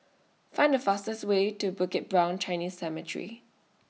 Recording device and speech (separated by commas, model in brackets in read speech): mobile phone (iPhone 6), read sentence